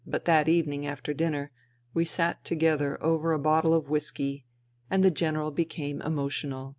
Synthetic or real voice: real